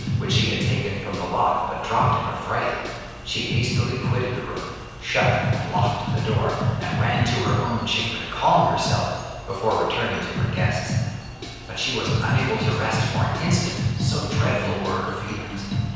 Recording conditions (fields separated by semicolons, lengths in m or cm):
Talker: one person; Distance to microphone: 7.1 m; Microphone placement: far; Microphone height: 1.7 m; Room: very reverberant, large; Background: music